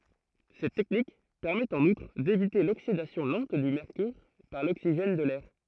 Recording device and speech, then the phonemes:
throat microphone, read sentence
sɛt tɛknik pɛʁmɛt ɑ̃n utʁ devite loksidasjɔ̃ lɑ̃t dy mɛʁkyʁ paʁ loksiʒɛn də lɛʁ

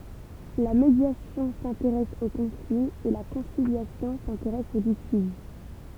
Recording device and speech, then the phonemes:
temple vibration pickup, read sentence
la medjasjɔ̃ sɛ̃teʁɛs o kɔ̃fli e la kɔ̃siljasjɔ̃ sɛ̃teʁɛs o litiʒ

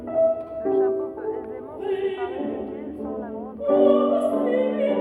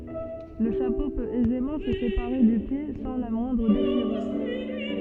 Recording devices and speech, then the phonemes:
rigid in-ear microphone, soft in-ear microphone, read sentence
lə ʃapo pøt ɛzemɑ̃ sə sepaʁe dy pje sɑ̃ la mwɛ̃dʁ deʃiʁyʁ

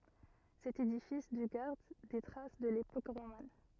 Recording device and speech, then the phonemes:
rigid in-ear microphone, read sentence
sɛt edifis dy ɡaʁd de tʁas də lepok ʁoman

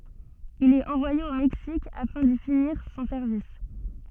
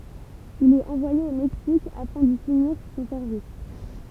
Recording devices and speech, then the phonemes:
soft in-ear microphone, temple vibration pickup, read sentence
il ɛt ɑ̃vwaje o mɛksik afɛ̃ di finiʁ sɔ̃ sɛʁvis

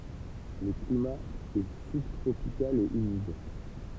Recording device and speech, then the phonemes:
temple vibration pickup, read sentence
lə klima ɛ sybtʁopikal e ymid

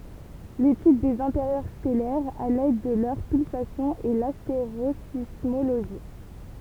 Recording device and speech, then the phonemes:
temple vibration pickup, read sentence
letyd dez ɛ̃teʁjœʁ stɛlɛʁz a lɛd də lœʁ pylsasjɔ̃z ɛ lasteʁozismoloʒi

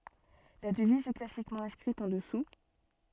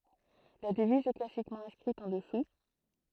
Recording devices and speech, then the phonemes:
soft in-ear microphone, throat microphone, read sentence
la dəviz ɛ klasikmɑ̃ ɛ̃skʁit ɑ̃ dəsu

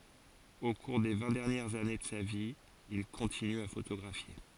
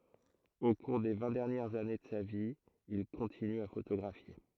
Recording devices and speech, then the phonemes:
forehead accelerometer, throat microphone, read sentence
o kuʁ de vɛ̃ dɛʁnjɛʁz ane də sa vi il kɔ̃tiny a fotoɡʁafje

